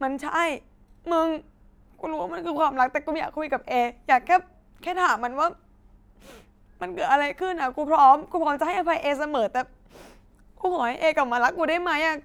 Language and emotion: Thai, sad